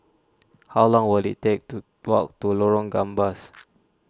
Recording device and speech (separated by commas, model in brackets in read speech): standing microphone (AKG C214), read sentence